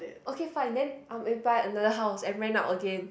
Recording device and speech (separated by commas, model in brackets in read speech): boundary microphone, conversation in the same room